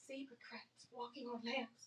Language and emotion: English, fearful